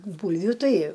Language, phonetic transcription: Lithuanian, ˈbūlviu ˈtai

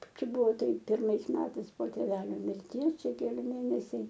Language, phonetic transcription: Lithuanian, ˈčia ˈbuvo ˈtaip pirˈmais ˈmetais po tėˈvelio mirˈties ˈčia keˈli ˈmėnesiai

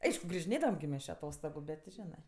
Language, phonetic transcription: Lithuanian, ˈaišku grižiˈnėdavam gi ˈmes či aˈtostogu ˈbet ti ˈženɜ

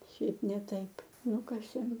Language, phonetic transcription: Lithuanian, šiaipˈ ne ˈtaip ˈnukasėm

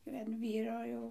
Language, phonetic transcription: Lithuanian, an ˈvyro jau

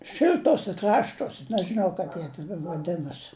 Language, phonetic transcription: Lithuanian, ˈšil'tose ˈkraštos' nežɨˈnau kaip ˈjie ten vaˈdinasi

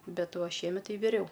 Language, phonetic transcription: Lithuanian, ˈbet ˈva šieˈmet ˈtai viˈriau

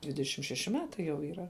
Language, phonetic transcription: Lithuanian, dvideˈšim šeˈši ˈmetai jau yˈra

